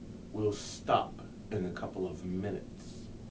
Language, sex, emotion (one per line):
English
male
disgusted